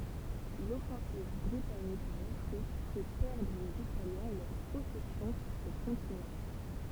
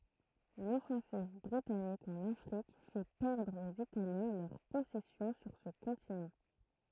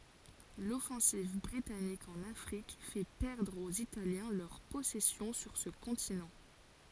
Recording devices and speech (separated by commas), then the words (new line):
temple vibration pickup, throat microphone, forehead accelerometer, read sentence
L'offensive britannique en Afrique fait perdre aux Italiens leurs possessions sur ce continent.